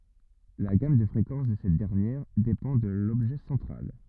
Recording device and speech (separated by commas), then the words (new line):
rigid in-ear microphone, read sentence
La gamme de fréquences de cette dernière dépend de l'objet central.